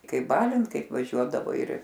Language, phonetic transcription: Lithuanian, ˈkaip ˈbalint ˈkaip vaˈžiuodavai ir

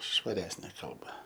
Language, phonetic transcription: Lithuanian, švaˈresnė ˈkalba

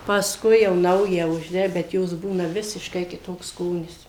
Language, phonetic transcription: Lithuanian, pasˈkui jau ˈnaują užˈde bet ˈjos ˈbūna ˈvisiškai kiˈtoks ˈskonis

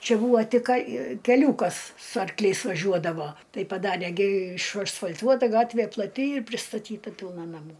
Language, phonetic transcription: Lithuanian, ˈčia ˈbūvo ˈtik ˈka keˈliūkas su arkˈliais vaˈžiuodavo ˈtai paˈdarė gi išasfal'ˈtuota ˈgatvė plaˈti ir pristaˈtyta ˈpilna naˈmų

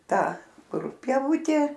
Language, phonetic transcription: Lithuanian, ˈtą ˈkur pieˈvutė

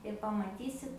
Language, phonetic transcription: Lithuanian, ir pamaˈtysit

